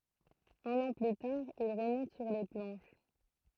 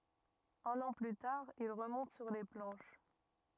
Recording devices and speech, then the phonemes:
throat microphone, rigid in-ear microphone, read sentence
œ̃n ɑ̃ ply taʁ il ʁəmɔ̃t syʁ le plɑ̃ʃ

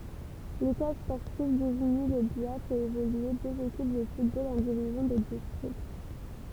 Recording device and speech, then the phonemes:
temple vibration pickup, read sentence
letwal spɔʁtiv diziɲi lə bya fɛt evolye døz ekip də futbol ɑ̃ divizjɔ̃ də distʁikt

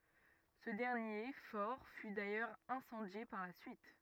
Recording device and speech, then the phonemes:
rigid in-ear microphone, read sentence
sə dɛʁnje fɔʁ fy dajœʁz ɛ̃sɑ̃dje paʁ la syit

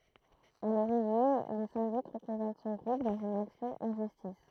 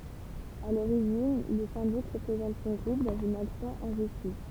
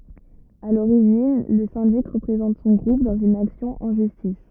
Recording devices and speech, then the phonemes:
throat microphone, temple vibration pickup, rigid in-ear microphone, read sentence
a loʁiʒin lə sɛ̃dik ʁəpʁezɑ̃t sɔ̃ ɡʁup dɑ̃z yn aksjɔ̃ ɑ̃ ʒystis

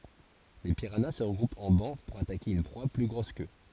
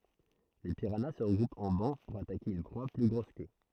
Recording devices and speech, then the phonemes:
forehead accelerometer, throat microphone, read sentence
le piʁana sə ʁəɡʁupt ɑ̃ bɑ̃ puʁ atake yn pʁwa ply ɡʁos kø

